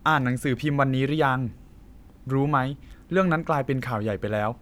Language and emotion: Thai, neutral